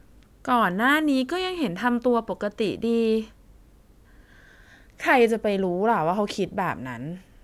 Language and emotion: Thai, frustrated